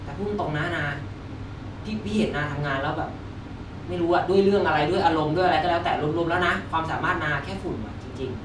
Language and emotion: Thai, frustrated